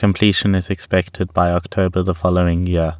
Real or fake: real